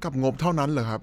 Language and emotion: Thai, neutral